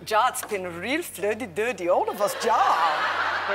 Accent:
Russian accent